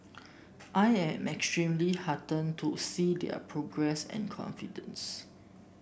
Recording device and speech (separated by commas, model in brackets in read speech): boundary microphone (BM630), read sentence